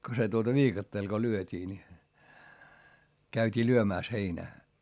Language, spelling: Finnish, kun se tuota viikatteella kun lyötiin niin käytiin lyömässä heinää
- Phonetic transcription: ko se tuota viikatteel ko lyöt́ii ni , käyt́ii lyömä̀s heinää .

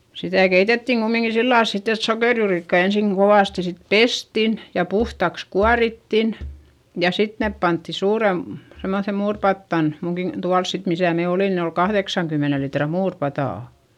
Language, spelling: Finnish, sitä keitettiin kumminkin sillä lailla sitten että sokerijuurikkaita ensin kovasti sitten pestiin ja puhtaaksi kuorittiin ja sitten ne pantiin - semmoiseen muuripataan minunkin tuolla sitten missä me olimme niin oli kahdeksankymmenen litran muuripata
- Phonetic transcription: sitä̀ keitettiŋ Gummiŋki sillàls sitt ‿et sokèrjuurikkai ensìŋ Govàsti sit pestin , ja puhtaks kuarittin , ja sit nèp pantti suurem- , semmoϑem muurpattan , muŋkin , tuals sit misä̀ me olìn ni ol kahδeksaŋkymmene litra muurpatà .

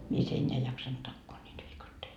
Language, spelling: Finnish, mies enää ei jaksanut takoa niitä viikatteita
- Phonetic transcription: 'mies 'eńńeä ei jaksant 'takkoo ńiit 'viikattei .

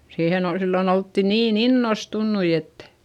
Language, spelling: Finnish, siihen oli silloin oltiin niin innostuneita että
- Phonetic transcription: siihen ‿ol , sillon ‿oltti niin ‿innostunnui ettÄ .

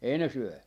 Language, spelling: Finnish, ei ne syö
- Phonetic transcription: 'ei ne 'syö .

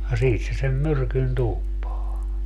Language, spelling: Finnish, ja siitä se sen myrkyn tuuppaa
- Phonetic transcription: ja 'siit se sem "myrkyn 'tuuppaa .

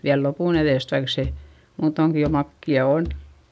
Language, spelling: Finnish, vielä lopun edestä vaikka se muutoinkin jo makeaa on
- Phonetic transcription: viäl lopùn ‿eδèst vaik se , muutoŋki jo makki₍a on .

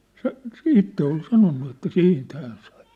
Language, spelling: Finnish, se se itse oli sanonut että siitä hän sai
- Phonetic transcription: 'se , se 'itte ol 'sanonnu että "siint 'hään sᴀɪ .

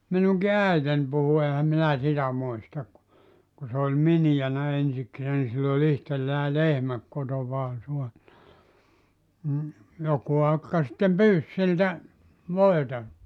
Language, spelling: Finnish, minunkin äitini puhui enhän minä sitä muista kun kun se oli miniänä ensikseen niin sillä oli itsellään lehmä kotonaan saanut mm joku akka sitten pyysi siltä voita
- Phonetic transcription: 'minuŋki "äiten puhu 'ehä 'minä 'sitä 'muista k(u) , ku se oĺ "minijänä 'ensiksee ni sill ‿o'ĺ ‿ihtellää "lehmä , 'kotovaa sua(nna) , m̥ , 'joku 'akka sⁱttem "pyys siltä , "voeta .

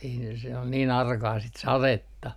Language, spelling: Finnish, ei ne se oli niin arkaa sitten sadetta
- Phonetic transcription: ei ne se ol niin 'arkaa sit 'saretta .

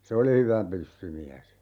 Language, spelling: Finnish, se oli hyvä pyssymies
- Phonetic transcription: 'se oli 'hyvä "pyssymiäs .

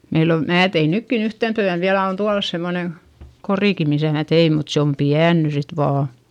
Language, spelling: Finnish, meillä on minä tein nytkin yhtenä työnä vielä on tuolla semmoinen korikin missä minä tein mutta se on pieni nyt sitten vain
- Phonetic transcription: meil ‿o , mää tein nykkin ‿yhten tyän viälä - on tualas semmone , korìki misä̀ mä tei mut se om piän ny sit vaa .

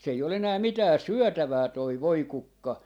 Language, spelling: Finnish, se ei ole enää mitään syötävää tuo voikukka
- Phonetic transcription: s ‿ei ol 'enää 'mitää "syɔ̈̀tävää toi "voi'kukka .

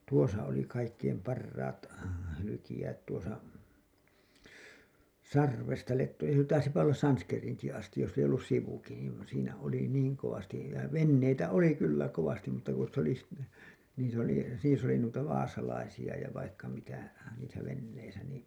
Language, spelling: Finnish, tuossa oli kaikkein parhaat hyljejäät tuossa Sarvesta Lettoihin taisipa olla Sanskeriinkin asti jos ei ollut sivukin niin siinä oli niin kovasti ja veneitä oli kyllä kovasti mutta kun sitten oli - niissä oli niissä oli noita vaasalaisia ja vaikka mitä niissä veneissä niin
- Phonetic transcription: 'tuosa oli kaikkeim 'parraat , hylykijäät tuosa , "Sarvesta 'Letto[hin] , taisipa ollas 'Sanskeriiŋki astij jos̆s ‿ei ollus 'sivuki niin̬ , siinä oli "niiŋ kovastij ja "venneitä oli kyllä 'kovastim mutta ku sit ‿oli si- , niis ‿oli , niis ‿oli nuita 'vaasalaisi₍a ja vaikka mitä , niisä 'venneisä nii .

